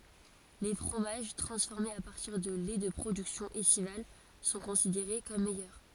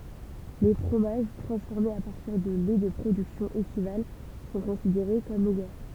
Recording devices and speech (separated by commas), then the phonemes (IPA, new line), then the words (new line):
forehead accelerometer, temple vibration pickup, read sentence
le fʁomaʒ tʁɑ̃sfɔʁmez a paʁtiʁ də lɛ də pʁodyksjɔ̃z ɛstival sɔ̃ kɔ̃sideʁe kɔm mɛjœʁ
Les fromages transformés à partir de laits de productions estivales sont considérés comme meilleurs.